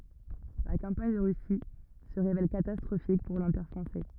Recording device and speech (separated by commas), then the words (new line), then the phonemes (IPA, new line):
rigid in-ear microphone, read sentence
La campagne de Russie se révèle catastrophique pour l'Empire français.
la kɑ̃paɲ də ʁysi sə ʁevɛl katastʁofik puʁ lɑ̃piʁ fʁɑ̃sɛ